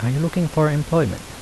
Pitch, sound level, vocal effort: 155 Hz, 80 dB SPL, soft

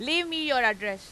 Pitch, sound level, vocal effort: 260 Hz, 100 dB SPL, very loud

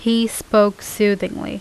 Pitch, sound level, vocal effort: 210 Hz, 83 dB SPL, normal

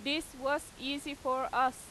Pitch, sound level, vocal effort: 275 Hz, 94 dB SPL, very loud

